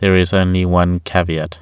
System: none